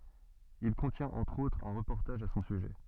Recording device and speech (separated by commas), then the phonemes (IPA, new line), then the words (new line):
soft in-ear microphone, read sentence
il kɔ̃tjɛ̃t ɑ̃tʁ otʁz œ̃ ʁəpɔʁtaʒ a sɔ̃ syʒɛ
Il contient entre autres un reportage à son sujet.